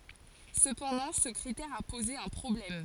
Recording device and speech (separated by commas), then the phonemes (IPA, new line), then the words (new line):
forehead accelerometer, read sentence
səpɑ̃dɑ̃ sə kʁitɛʁ a poze œ̃ pʁɔblɛm
Cependant, ce critère a posé un problème.